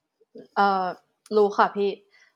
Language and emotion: Thai, frustrated